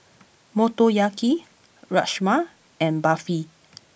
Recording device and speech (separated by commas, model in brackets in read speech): boundary microphone (BM630), read sentence